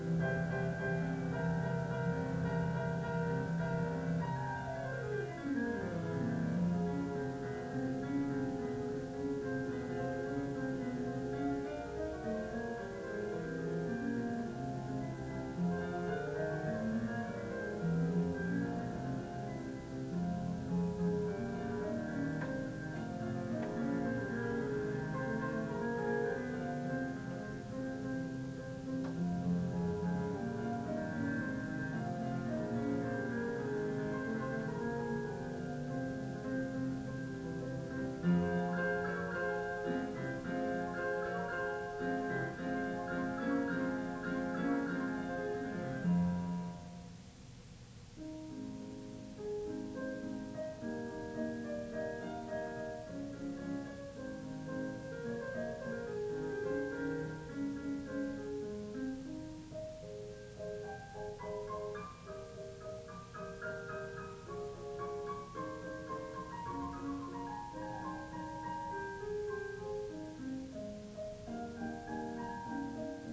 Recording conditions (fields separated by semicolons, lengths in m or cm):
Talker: no one; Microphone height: 30 cm; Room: small (3.7 m by 2.7 m); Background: music